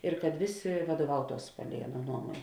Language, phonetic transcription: Lithuanian, ir kad ˈvėˌsė vaduoˈvautuos ˈpalei ˈaˌnuo ˈnuomuon'

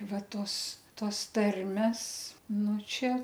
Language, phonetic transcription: Lithuanian, ˈva ˈtos ˈtos ˈtarmes ˈnu ˈčia

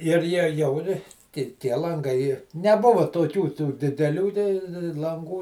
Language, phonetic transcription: Lithuanian, ir ˈjie ˈjau ir ˈti tie lanˈgai neˈbuvo toˈkių tų dideˈlių tei lanˈgų

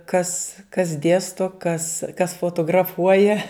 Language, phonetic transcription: Lithuanian, kas kas ˈdėsto kas kas fotograˈfuoja

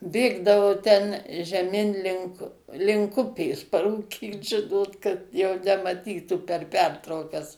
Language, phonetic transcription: Lithuanian, ˈbėgdavo ten žeˈmin ˈlink link ˈupės parūˈkyt ˈžinot kad jau nemaˈtytų per ˈpertraukas

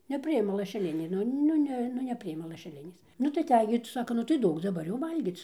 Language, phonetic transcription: Lithuanian, neˈpriima lašeˈlinė ˈnu ˈnu ne ˈnu neˈpriima lašeˈlinės ˈnu tai aˈtej gi tai ˈsako ˈnu tai ˈduok daˈbar jau ˈvalgyc

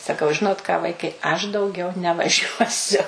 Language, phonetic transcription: Lithuanian, saˈkau ˈžinot ką ˈvaikai aš dauˈgiau nevaˈžiuosiu

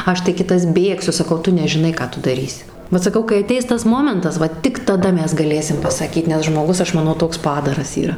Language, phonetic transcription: Lithuanian, ˈaš tai ˈkitas ˈbėgsiu saˈkau ˈtu nežiˈnai ˈką tu daˈrysi ˈvat saˈkau kai aˈteis ˈtas ˈmomentas ˈva tik taˈda ˈmes gaˈlėsim pasaˈkyt nes žmoˈgus ˈaš maˈnau ˈtoks ˈpadaras yˈra

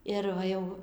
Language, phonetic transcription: Lithuanian, ir ˈva ˈjau

